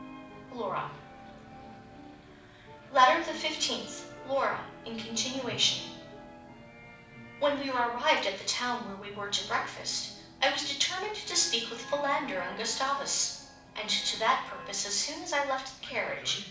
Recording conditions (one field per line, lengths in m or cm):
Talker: one person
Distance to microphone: 5.8 m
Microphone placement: far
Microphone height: 1.8 m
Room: medium-sized (5.7 m by 4.0 m)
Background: television